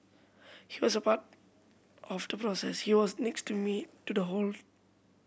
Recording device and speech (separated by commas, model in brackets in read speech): boundary microphone (BM630), read sentence